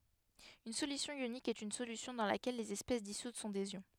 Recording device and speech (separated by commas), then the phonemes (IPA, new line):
headset microphone, read sentence
yn solysjɔ̃ jonik ɛt yn solysjɔ̃ dɑ̃ lakɛl lez ɛspɛs disut sɔ̃ dez jɔ̃